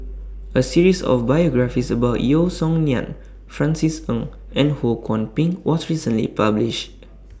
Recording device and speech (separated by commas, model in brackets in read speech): standing microphone (AKG C214), read sentence